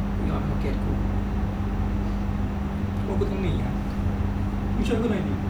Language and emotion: Thai, sad